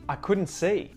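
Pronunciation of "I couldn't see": In 'couldn't', the t is muted.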